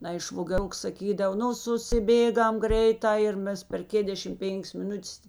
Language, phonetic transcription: Lithuanian, ˈnai švogeˈruks saˈkydav ˈnu susiˈbėˌgam ˈgreiˌtā ir ˈmes per ˈkėdešim ˈpėn'k's miˈnutes

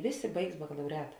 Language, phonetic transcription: Lithuanian, ˈvėˌsė ˈbaigs bakalauˈreta

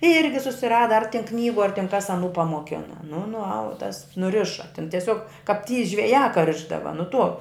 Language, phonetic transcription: Lithuanian, ˈirgi susiˈrada ar ten ˈknygu ar tin kas aˈnų pamoˈkina nu nuˈaud tas nuˈriša tin teˈsiog kap ty žveˈjā ka ˈrišdava nu tuo

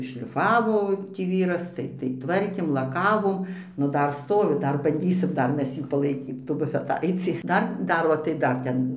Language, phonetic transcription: Lithuanian, šliˈfavo tį ˈvyras ˈtai tai ˈtvarkėm laˈkavom ˈnu ˈdar ˈstovi ˈdar banˈdysim ˈdar ˈmes ˈjį palaiˈkyt tų bufeˈtaicį ˈdar ˈdar o tai ˈdar ˈten

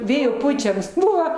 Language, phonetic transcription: Lithuanian, ˈvėjo ˈpučiams ˈbuvo

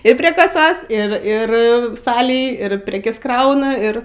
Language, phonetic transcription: Lithuanian, ir prie kaˈsos ir ˈir ˈsalėj ir ˈprekes ˈkrauna ˈir

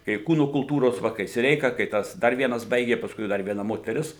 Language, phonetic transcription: Lithuanian, kai ˈkūno kulˈtūros ˈva kai siˈreika kai ˈtas ˈdar ˈvienas ˈbaigė pasˈkui ˈdar vieˈna moteˈris

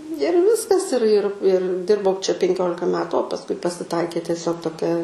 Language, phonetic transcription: Lithuanian, ir ˈviskas ir ir ir ˈdirbau čia penˈkiolika ˈmetu o pasˈkui pasiˈtaikė tieˈsiog toˈkia

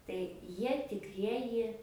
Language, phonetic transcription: Lithuanian, tai ˈjie tikˈrieji

